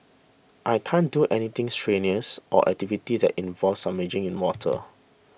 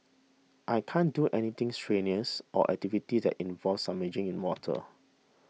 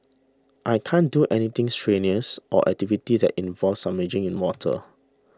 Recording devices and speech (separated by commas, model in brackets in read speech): boundary microphone (BM630), mobile phone (iPhone 6), standing microphone (AKG C214), read sentence